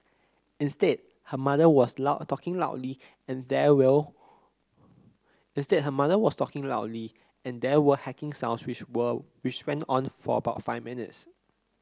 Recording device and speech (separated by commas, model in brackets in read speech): close-talking microphone (WH30), read sentence